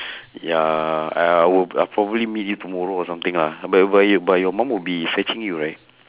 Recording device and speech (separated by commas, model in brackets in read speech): telephone, conversation in separate rooms